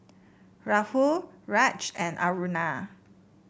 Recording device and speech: boundary microphone (BM630), read sentence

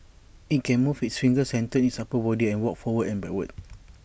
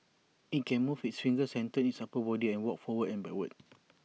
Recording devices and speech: boundary microphone (BM630), mobile phone (iPhone 6), read sentence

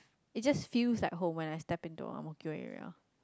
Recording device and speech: close-talking microphone, conversation in the same room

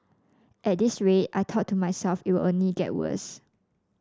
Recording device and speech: standing microphone (AKG C214), read sentence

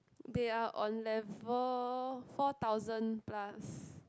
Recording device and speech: close-talking microphone, conversation in the same room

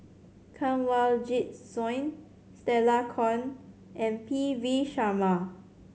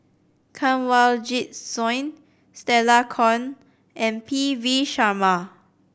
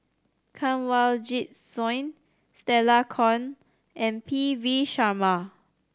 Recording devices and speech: mobile phone (Samsung C7100), boundary microphone (BM630), standing microphone (AKG C214), read sentence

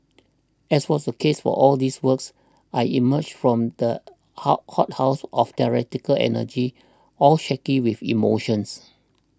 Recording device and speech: standing microphone (AKG C214), read sentence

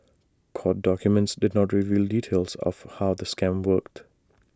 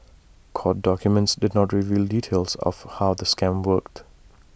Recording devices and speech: standing microphone (AKG C214), boundary microphone (BM630), read sentence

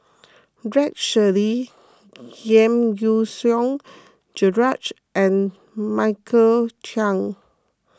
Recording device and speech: close-talking microphone (WH20), read sentence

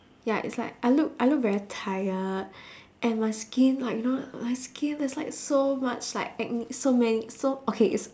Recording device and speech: standing microphone, conversation in separate rooms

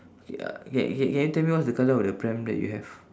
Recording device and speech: standing microphone, conversation in separate rooms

